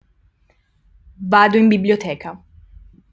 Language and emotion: Italian, neutral